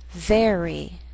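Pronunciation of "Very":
In 'very', the r first blends with the vowel before it and then leads into the next vowel sound like a consonant.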